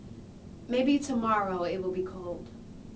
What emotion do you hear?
neutral